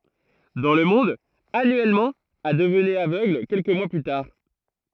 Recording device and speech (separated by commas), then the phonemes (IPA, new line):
throat microphone, read sentence
dɑ̃ lə mɔ̃d anyɛlmɑ̃ a dəvnɛt avøɡl kɛlkə mwa ply taʁ